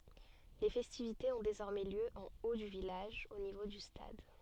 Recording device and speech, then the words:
soft in-ear microphone, read sentence
Les festivités ont désormais lieu en haut du village, au niveau du stade.

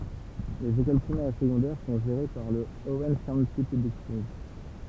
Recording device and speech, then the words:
temple vibration pickup, read sentence
Les écoles primaires et secondaires sont gérées par le Orange County Public Schools.

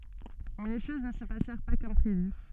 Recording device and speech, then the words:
soft in-ear microphone, read sentence
Mais les choses ne se passèrent pas comme prévu.

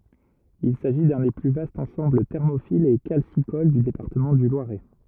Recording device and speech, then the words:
rigid in-ear microphone, read sentence
Il s'agit d'un des plus vastes ensembles thermophiles et calcicoles du département du Loiret.

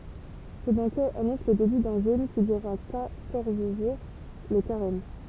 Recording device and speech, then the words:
temple vibration pickup, read sentence
Ce banquet annonce le début d'un jeûne qui durera quatorze jours, le carême.

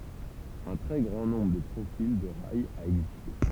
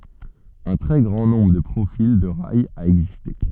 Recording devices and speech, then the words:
temple vibration pickup, soft in-ear microphone, read sentence
Un très grand nombre de profils de rails a existé.

